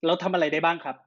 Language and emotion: Thai, angry